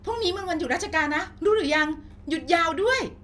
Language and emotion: Thai, happy